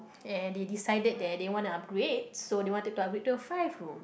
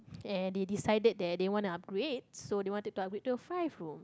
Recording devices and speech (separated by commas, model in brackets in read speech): boundary microphone, close-talking microphone, conversation in the same room